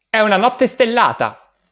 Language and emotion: Italian, happy